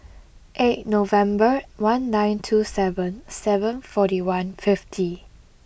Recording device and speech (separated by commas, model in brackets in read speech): boundary microphone (BM630), read sentence